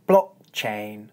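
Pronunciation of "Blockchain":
In 'blockchain', no actual k sound is heard: the vowel is cut off, held momentarily, and then goes straight into the ch sound.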